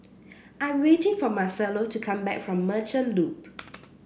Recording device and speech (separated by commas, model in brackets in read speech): boundary microphone (BM630), read sentence